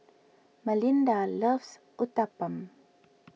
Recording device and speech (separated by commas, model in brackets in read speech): mobile phone (iPhone 6), read sentence